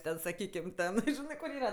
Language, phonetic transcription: Lithuanian, ˈten saˈkykim ˈten ˈžinɜ kur ˈyra

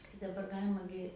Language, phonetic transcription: Lithuanian, kai daˈbar ˈgalima gi

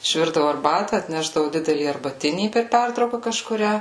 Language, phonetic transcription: Lithuanian, išˈvirdavu arˈbata atˈnešdavu ˈdidelį arbaˈtinį per ˈpertrauka kažkuˈrią

